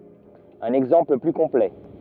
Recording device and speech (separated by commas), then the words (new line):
rigid in-ear microphone, read sentence
Un exemple plus complet.